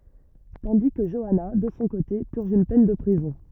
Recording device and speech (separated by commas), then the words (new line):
rigid in-ear microphone, read sentence
Tandis que Joanna, de son côté, purge une peine de prison.